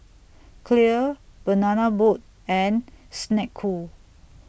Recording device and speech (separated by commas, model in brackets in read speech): boundary microphone (BM630), read sentence